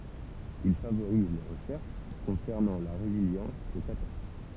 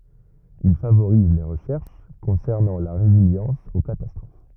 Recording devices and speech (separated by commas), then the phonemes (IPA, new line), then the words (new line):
temple vibration pickup, rigid in-ear microphone, read sentence
il favoʁize le ʁəʃɛʁʃ kɔ̃sɛʁnɑ̃ la ʁeziljɑ̃s o katastʁof
Il favoriser les recherches concernant la résilience aux catastrophes.